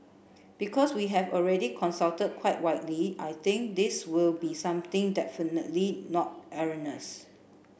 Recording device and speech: boundary microphone (BM630), read sentence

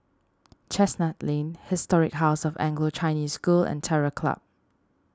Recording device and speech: standing microphone (AKG C214), read sentence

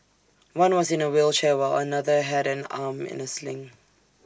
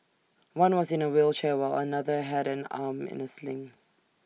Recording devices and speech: standing microphone (AKG C214), mobile phone (iPhone 6), read sentence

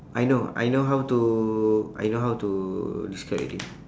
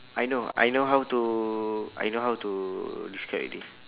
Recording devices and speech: standing microphone, telephone, conversation in separate rooms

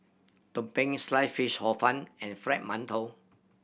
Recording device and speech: boundary microphone (BM630), read sentence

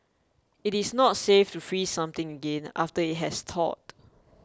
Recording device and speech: close-talking microphone (WH20), read sentence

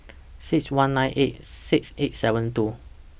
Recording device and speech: boundary microphone (BM630), read sentence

